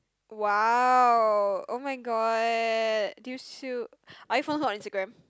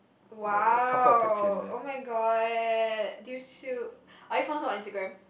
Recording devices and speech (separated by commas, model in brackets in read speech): close-talking microphone, boundary microphone, conversation in the same room